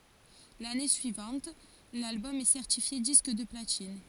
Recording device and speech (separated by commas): forehead accelerometer, read sentence